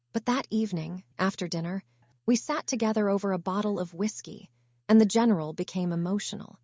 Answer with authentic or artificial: artificial